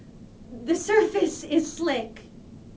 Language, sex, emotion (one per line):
English
female
fearful